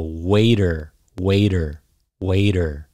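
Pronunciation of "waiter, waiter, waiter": In 'waiter', the t sounds like a d.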